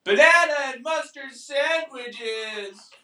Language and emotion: English, fearful